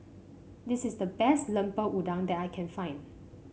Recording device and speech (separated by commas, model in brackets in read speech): mobile phone (Samsung C5), read sentence